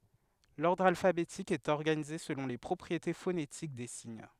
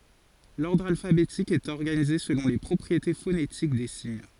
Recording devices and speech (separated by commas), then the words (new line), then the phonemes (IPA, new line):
headset microphone, forehead accelerometer, read sentence
L’ordre alphabétique est organisé selon les propriétés phonétiques des signes.
lɔʁdʁ alfabetik ɛt ɔʁɡanize səlɔ̃ le pʁɔpʁiete fonetik de siɲ